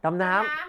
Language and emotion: Thai, happy